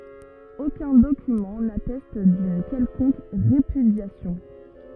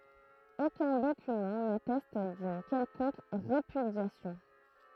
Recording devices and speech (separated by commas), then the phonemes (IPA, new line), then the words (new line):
rigid in-ear microphone, throat microphone, read sentence
okœ̃ dokymɑ̃ natɛst dyn kɛlkɔ̃k ʁepydjasjɔ̃
Aucun document n'atteste d'une quelconque répudiation.